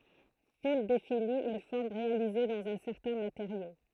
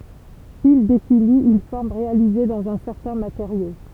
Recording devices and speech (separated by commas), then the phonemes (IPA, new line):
throat microphone, temple vibration pickup, read sentence
fil defini yn fɔʁm ʁealize dɑ̃z œ̃ sɛʁtɛ̃ mateʁjo